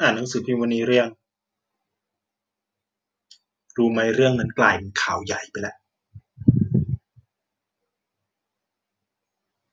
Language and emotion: Thai, frustrated